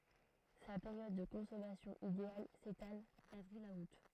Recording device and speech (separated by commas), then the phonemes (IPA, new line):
throat microphone, read sentence
sa peʁjɔd də kɔ̃sɔmasjɔ̃ ideal setal davʁil a ut